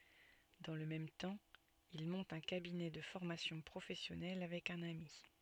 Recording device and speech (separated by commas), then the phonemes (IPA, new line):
soft in-ear microphone, read sentence
dɑ̃ lə mɛm tɑ̃ il mɔ̃t œ̃ kabinɛ də fɔʁmasjɔ̃ pʁofɛsjɔnɛl avɛk œ̃n ami